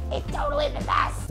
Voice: in a strangled voice